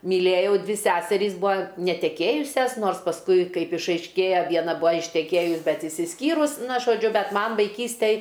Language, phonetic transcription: Lithuanian, myˈlėjau ˈdvi ˈseserys ˈbua neteˈkėjusias ˈnors pasˈkui ˈkaip išaišˈkėja ˈviena ˈbua išteˈkėjus ˈbet išsisˈkyrus ˈna žoˈdžiu ˈbet ˈman vaiˈkystej

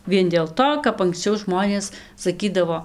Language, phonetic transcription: Lithuanian, ˈvien dėl ˈto kap anksˈčiau ˈžmonės saˈkydavo

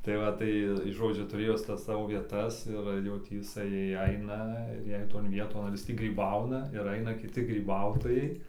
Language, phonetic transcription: Lithuanian, tai ˈva ˈtai tai ˈžodžiu tuˈrėjo ˈjis ˈtas ˈsavo vieˈtas ir jau ˈtį iˈsai ˈaina ir ˈjei ton ˈvieton ar ˈjis ˈtį gryˈbauna ir ˈaina kiˈti gryˈbautojai

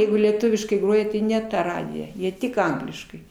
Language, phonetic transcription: Lithuanian, ˈjeigu lieˈtuviškai ˈgroja ti ne ˈta ˈradija ˈjie ˈtik ˈangliškai

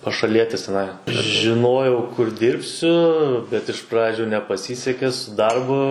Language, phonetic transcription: Lithuanian, pašaˈlietis teˈnai žiˈnojau kur ˈdirbsiu bet iš ˈpradžiu nepaˈsyseke su ˈdarbu

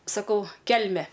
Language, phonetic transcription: Lithuanian, saˈkau ˈkelme

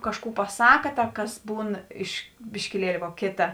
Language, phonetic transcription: Lithuanian, ˈkažˌkų paˈsaka ˈta ˈkas ˈbūn iš biškiˈlieli vo ˈkėta

